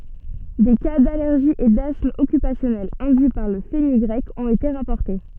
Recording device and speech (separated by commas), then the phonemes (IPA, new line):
soft in-ear microphone, read sentence
de ka dalɛʁʒi e dasm ɔkypasjɔnɛl ɛ̃dyi paʁ lə fənyɡʁɛk ɔ̃t ete ʁapɔʁte